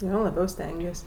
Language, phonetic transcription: Lithuanian, ˈjo laˈbiau ˈstengies'

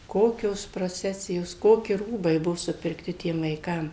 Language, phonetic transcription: Lithuanian, ˈkokios proˈcesijos ˈkoki ˈrūbai ˈbuvo supirkˈti ˈtiem vaiˈkam

